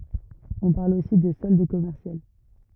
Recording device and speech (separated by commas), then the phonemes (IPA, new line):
rigid in-ear microphone, read sentence
ɔ̃ paʁl osi də sɔld kɔmɛʁsjal